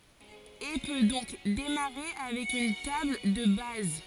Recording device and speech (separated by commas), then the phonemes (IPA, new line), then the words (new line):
forehead accelerometer, read sentence
e pø dɔ̃k demaʁe avɛk yn tabl də baz
Et peut donc démarrer avec une table de base.